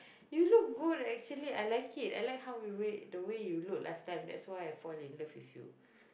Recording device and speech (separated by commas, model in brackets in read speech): boundary microphone, conversation in the same room